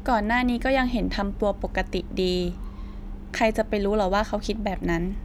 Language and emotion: Thai, neutral